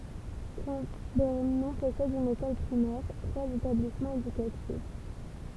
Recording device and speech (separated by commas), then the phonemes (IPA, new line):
temple vibration pickup, read sentence
kɑ̃bɛʁnɔ̃ pɔsɛd yn ekɔl pʁimɛʁ tʁwaz etablismɑ̃z edykatif